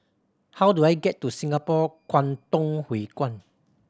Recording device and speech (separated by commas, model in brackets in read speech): standing microphone (AKG C214), read sentence